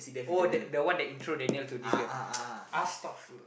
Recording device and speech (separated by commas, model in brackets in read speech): boundary microphone, conversation in the same room